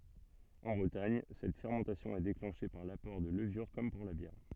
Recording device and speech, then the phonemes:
soft in-ear microphone, read sentence
ɑ̃ bʁətaɲ sɛt fɛʁmɑ̃tasjɔ̃ ɛ deklɑ̃ʃe paʁ lapɔʁ də ləvyʁ kɔm puʁ la bjɛʁ

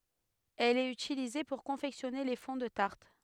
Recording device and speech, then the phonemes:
headset microphone, read sentence
ɛl ɛt ytilize puʁ kɔ̃fɛksjɔne le fɔ̃ də taʁt

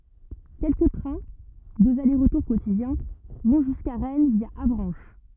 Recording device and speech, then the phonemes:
rigid in-ear microphone, read sentence
kɛlkə tʁɛ̃ døz ale ʁətuʁ kotidjɛ̃ vɔ̃ ʒyska ʁɛn vja avʁɑ̃ʃ

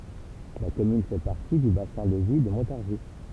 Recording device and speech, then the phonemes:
temple vibration pickup, read sentence
la kɔmyn fɛ paʁti dy basɛ̃ də vi də mɔ̃taʁʒi

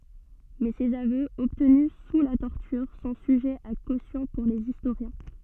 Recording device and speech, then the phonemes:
soft in-ear microphone, read sentence
mɛ sez avøz ɔbtny su la tɔʁtyʁ sɔ̃ syʒɛz a kosjɔ̃ puʁ lez istoʁjɛ̃

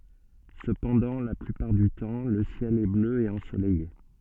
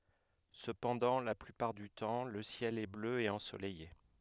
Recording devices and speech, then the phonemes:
soft in-ear microphone, headset microphone, read sentence
səpɑ̃dɑ̃ la plypaʁ dy tɑ̃ lə sjɛl ɛ blø e ɑ̃solɛje

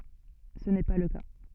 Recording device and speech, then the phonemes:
soft in-ear microphone, read sentence
sə nɛ pa lə ka

